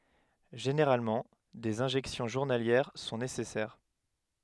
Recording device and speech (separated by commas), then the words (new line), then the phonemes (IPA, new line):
headset microphone, read sentence
Généralement, des injections journalières sont nécessaires.
ʒeneʁalmɑ̃ dez ɛ̃ʒɛksjɔ̃ ʒuʁnaljɛʁ sɔ̃ nesɛsɛʁ